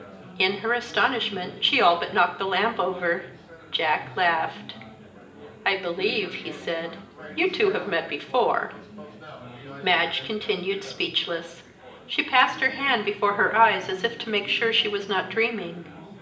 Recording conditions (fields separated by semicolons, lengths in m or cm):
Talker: one person; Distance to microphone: 1.8 m; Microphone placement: close; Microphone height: 1.0 m; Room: large; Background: babble